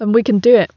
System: none